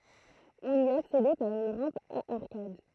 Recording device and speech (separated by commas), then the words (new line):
throat microphone, read sentence
On y accédait par une rampe à arcades.